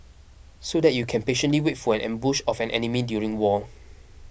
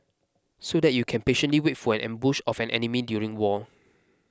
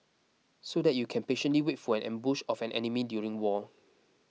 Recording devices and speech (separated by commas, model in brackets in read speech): boundary microphone (BM630), close-talking microphone (WH20), mobile phone (iPhone 6), read sentence